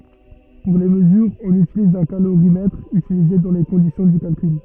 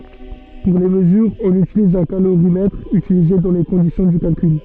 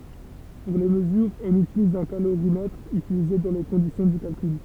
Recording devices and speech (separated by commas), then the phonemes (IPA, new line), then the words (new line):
rigid in-ear microphone, soft in-ear microphone, temple vibration pickup, read sentence
puʁ le məzyʁz ɔ̃n ytiliz œ̃ kaloʁimɛtʁ ytilize dɑ̃ le kɔ̃disjɔ̃ dy kalkyl
Pour les mesures, on utilise un calorimètre, utilisées dans les conditions du calcul.